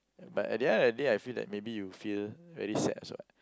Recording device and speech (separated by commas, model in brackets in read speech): close-talking microphone, conversation in the same room